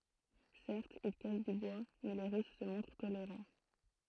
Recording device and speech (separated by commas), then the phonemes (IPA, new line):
throat microphone, read sentence
sɛʁtz il kas dy bwa mɛ le ʁys sə mɔ̃tʁ toleʁɑ̃